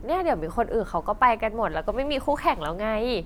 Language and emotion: Thai, happy